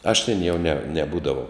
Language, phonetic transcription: Lithuanian, aš tėn jau ne neˈbūdavau

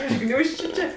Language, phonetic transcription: Lithuanian, iš ˈgniūžčiu ˈčė

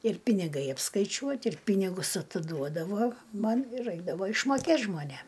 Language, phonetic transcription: Lithuanian, ir piniˈgai apskaiˈčiuot' ir ˈpynigus atiˈduodavo ˈman ir ˈraikdavo išmoˈkėt žmoˈnėm

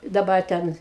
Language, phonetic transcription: Lithuanian, daˈbar ˈten

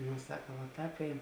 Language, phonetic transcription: Lithuanian, ˈno ˈsaka va ˈtāp ˈein

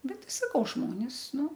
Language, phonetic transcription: Lithuanian, ˈbet ˈti saˈkau ˈžmonis ˈnu

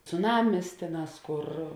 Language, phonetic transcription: Lithuanian, cuˈnamis ˈtėˌnās ˈkur

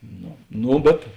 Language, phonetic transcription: Lithuanian, ˈno ˈno bet

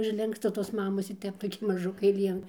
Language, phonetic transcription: Lithuanian, užˈlinksta tos ˈmamos ir ˈtep toˈki maˈžukai ˈlien

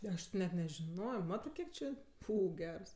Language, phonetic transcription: Lithuanian, ˈaš ti ˈnet nežiˈnojo ˈmatɜ ˈkiek či ˈfū ˈgers

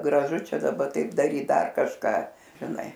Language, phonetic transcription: Lithuanian, graˈžu ˈčia daˈba ˈtaip daˈryt ˈdar kažˈką žiˈnai

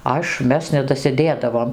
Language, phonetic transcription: Lithuanian, ˈaš ˈmes nedasiˈdėdavom

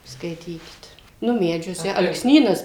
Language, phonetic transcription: Lithuanian, ˈskaitykit ˈnu ˈmedžiuose alksˈnynas

